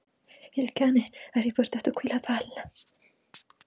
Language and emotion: Italian, fearful